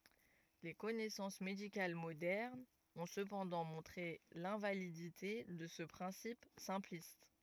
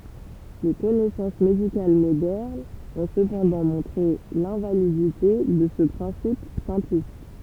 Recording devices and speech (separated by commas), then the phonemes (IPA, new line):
rigid in-ear microphone, temple vibration pickup, read sentence
le kɔnɛsɑ̃s medikal modɛʁnz ɔ̃ səpɑ̃dɑ̃ mɔ̃tʁe lɛ̃validite də sə pʁɛ̃sip sɛ̃plist